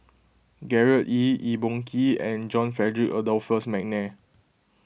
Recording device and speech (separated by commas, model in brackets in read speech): boundary microphone (BM630), read sentence